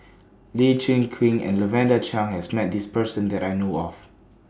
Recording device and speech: standing microphone (AKG C214), read sentence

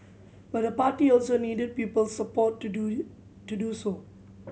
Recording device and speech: mobile phone (Samsung C7100), read sentence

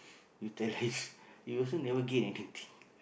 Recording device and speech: boundary microphone, conversation in the same room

